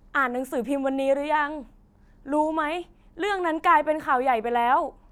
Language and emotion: Thai, happy